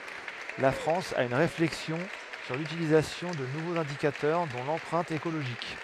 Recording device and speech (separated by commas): headset microphone, read sentence